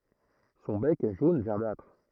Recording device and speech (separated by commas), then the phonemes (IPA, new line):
throat microphone, read sentence
sɔ̃ bɛk ɛ ʒon vɛʁdatʁ